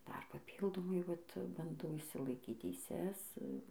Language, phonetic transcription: Lithuanian, ˈdar paˈpyldomai ˈvat banˈdau išsilaˈikyt teiˈses

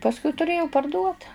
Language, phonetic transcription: Lithuanian, pasˈkui tuˈrėjau parˈduot

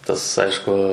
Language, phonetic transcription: Lithuanian, ˈtas ˈaišku

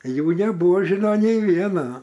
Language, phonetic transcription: Lithuanian, ˈjų neˈbuožino nei ˈvieno

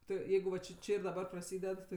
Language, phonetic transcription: Lithuanian, ˈtu ˈjeigu va či ˈči ir daˈba praˈsyded ˈti

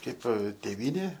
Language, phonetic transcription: Lithuanian, ˈkaip tėˈvynė

